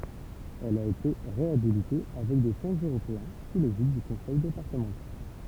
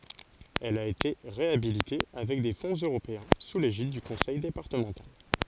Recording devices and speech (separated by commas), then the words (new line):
temple vibration pickup, forehead accelerometer, read sentence
Elle a été réhabilitée avec des fonds européens sous l'égide du conseil départemental.